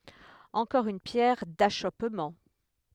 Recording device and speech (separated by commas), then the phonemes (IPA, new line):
headset microphone, read sentence
ɑ̃kɔʁ yn pjɛʁ daʃɔpmɑ̃